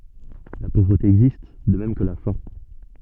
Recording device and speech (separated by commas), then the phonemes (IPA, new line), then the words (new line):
soft in-ear microphone, read sentence
la povʁəte ɛɡzist də mɛm kə la fɛ̃
La pauvreté existe, de même que la faim.